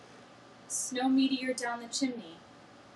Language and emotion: English, sad